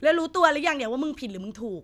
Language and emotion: Thai, angry